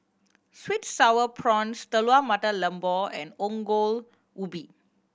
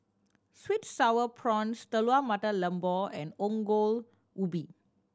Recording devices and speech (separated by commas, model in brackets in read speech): boundary microphone (BM630), standing microphone (AKG C214), read sentence